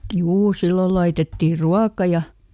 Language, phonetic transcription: Finnish, "juu ˈsillol ˈlaitettì "ruaka ja ,.
- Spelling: juu silloin laitettiin ruokaa ja

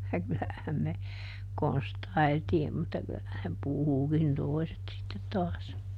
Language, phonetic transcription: Finnish, ja ˈkylähäm me , ˈkonstai̮ltiim mutta ˈky₍ähän (ne) "puhukin "toi̮set sittet taas .
- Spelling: ja kyllähän me konstailtiin mutta kyllähän ne puhukin toiset sitten taas

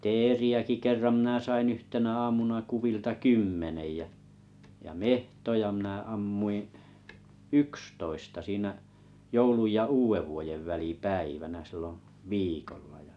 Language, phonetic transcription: Finnish, 'teeri₍äki 'kerram mⁱnä 'sain 'yhtenä 'aamuna 'kuvilta "kymmenej jä , ja "mehtoja minä 'ammui ⁱ̰ , "ykstoista 'siinä , 'jouluj ja "uuʷevvuojev 'väli"päivänä silloo̰ , 'viikolla ja .
- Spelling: teeriäkin kerran minä sain yhtenä aamuna kuvilta kymmenen ja ja metsoja minä ammuin yksitoista siinä joulun ja uudenvuoden välipäivänä silloin viikolla ja

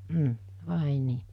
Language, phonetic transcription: Finnish, m̥ , 'vàe nii .
- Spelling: mm vai niin

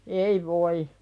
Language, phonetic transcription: Finnish, ei voi .
- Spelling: ei voi

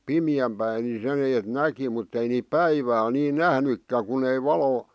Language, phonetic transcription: Finnish, 'pimi₍äm päi ni 'sen ‿eet 'näki mutt ‿ei niip "päivääl nii "näh-nykkä kun ‿ei "valo ,.
- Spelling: pimeän päin niin sen että näki mutta ei niitä päivällä niin nähnytkään kun ei valo

